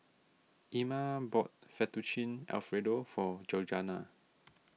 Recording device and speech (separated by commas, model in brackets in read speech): mobile phone (iPhone 6), read sentence